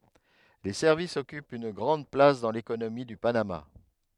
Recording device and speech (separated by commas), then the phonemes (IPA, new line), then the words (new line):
headset microphone, read sentence
le sɛʁvisz ɔkypt yn ɡʁɑ̃d plas dɑ̃ lekonomi dy panama
Les services occupent une grande place dans l’économie du Panama.